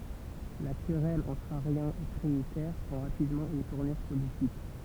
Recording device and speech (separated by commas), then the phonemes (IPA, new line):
temple vibration pickup, read sentence
la kʁɛl ɑ̃tʁ aʁjɛ̃z e tʁinitɛʁ pʁɑ̃ ʁapidmɑ̃ yn tuʁnyʁ politik